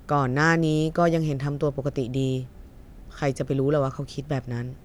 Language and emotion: Thai, frustrated